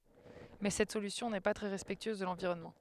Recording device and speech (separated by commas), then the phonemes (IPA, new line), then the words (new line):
headset microphone, read sentence
mɛ sɛt solysjɔ̃ nɛ pa tʁɛ ʁɛspɛktyøz də lɑ̃viʁɔnmɑ̃
Mais cette solution n'est pas très respectueuse de l'environnement.